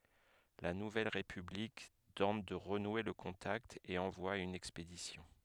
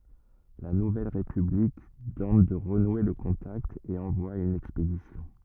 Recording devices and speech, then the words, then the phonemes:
headset microphone, rigid in-ear microphone, read sentence
La nouvelle république tente de renouer le contact et envoie une expédition.
la nuvɛl ʁepyblik tɑ̃t də ʁənwe lə kɔ̃takt e ɑ̃vwa yn ɛkspedisjɔ̃

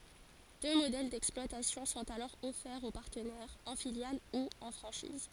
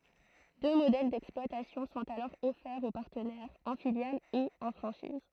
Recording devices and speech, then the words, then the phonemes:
forehead accelerometer, throat microphone, read sentence
Deux modèles d'exploitation sont alors offerts aux partenaires, en filiale ou en franchise.
dø modɛl dɛksplwatasjɔ̃ sɔ̃t alɔʁ ɔfɛʁz o paʁtənɛʁz ɑ̃ filjal u ɑ̃ fʁɑ̃ʃiz

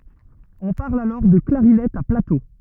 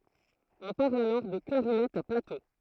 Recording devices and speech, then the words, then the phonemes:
rigid in-ear microphone, throat microphone, read sentence
On parle alors de clarinette à plateaux.
ɔ̃ paʁl alɔʁ də klaʁinɛt a plato

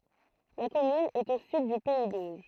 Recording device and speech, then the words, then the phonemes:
throat microphone, read sentence
La commune est au sud du pays d'Auge.
la kɔmyn ɛt o syd dy pɛi doʒ

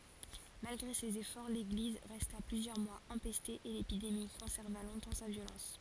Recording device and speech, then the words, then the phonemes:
forehead accelerometer, read sentence
Malgré ses efforts, l'église resta plusieurs mois empestée et l'épidémie conserva longtemps sa violence.
malɡʁe sez efɔʁ leɡliz ʁɛsta plyzjœʁ mwaz ɑ̃pɛste e lepidemi kɔ̃sɛʁva lɔ̃tɑ̃ sa vjolɑ̃s

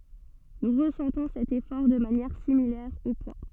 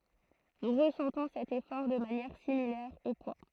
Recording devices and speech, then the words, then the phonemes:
soft in-ear microphone, throat microphone, read sentence
Nous ressentons cet effort de manière similaire au poids.
nu ʁəsɑ̃tɔ̃ sɛt efɔʁ də manjɛʁ similɛʁ o pwa

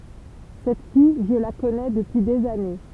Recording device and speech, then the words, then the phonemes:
temple vibration pickup, read sentence
Cette fille, je la connais depuis des années.
sɛt fij ʒə la kɔnɛ dəpyi dez ane

